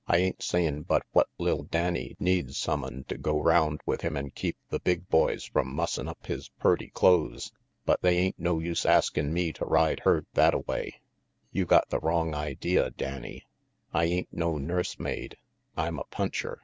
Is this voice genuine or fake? genuine